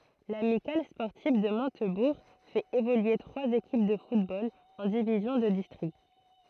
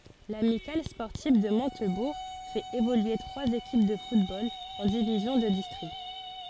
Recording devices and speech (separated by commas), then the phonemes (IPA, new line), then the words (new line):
throat microphone, forehead accelerometer, read sentence
lamikal spɔʁtiv də mɔ̃tbuʁ fɛt evolye tʁwaz ekip də futbol ɑ̃ divizjɔ̃ də distʁikt
L'Amicale sportive de Montebourg fait évoluer trois équipes de football en divisions de district.